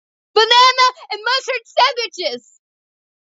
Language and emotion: English, sad